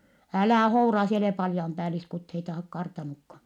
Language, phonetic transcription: Finnish, » älä̀ houra si ‿e olè paljampääliskutheita (ha-) kartanukka !
- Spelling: älä houraa sinä et ole patjanpäälliskuteita - kartannutkaan

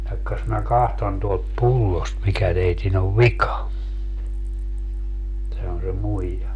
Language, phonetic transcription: Finnish, » jakkas mä 'kahton tuolt "pullost mikä 'teitin ‿ov "vika » , sano se 'muija .
- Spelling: jahka minä katson tuolta pullosta mikä teidän on vika sanoi se muija

